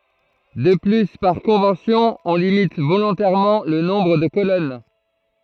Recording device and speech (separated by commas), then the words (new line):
throat microphone, read sentence
De plus par convention on limite volontairement le nombre de colonnes.